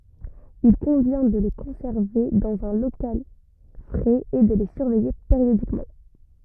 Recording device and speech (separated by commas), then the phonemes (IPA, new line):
rigid in-ear microphone, read sentence
il kɔ̃vjɛ̃ də le kɔ̃sɛʁve dɑ̃z œ̃ lokal fʁɛz e də le syʁvɛje peʁjodikmɑ̃